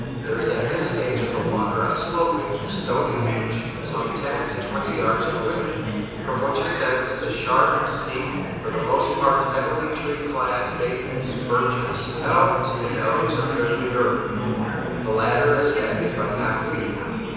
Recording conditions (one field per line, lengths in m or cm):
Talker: one person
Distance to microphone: 7.1 m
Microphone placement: far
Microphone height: 1.7 m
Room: very reverberant, large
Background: babble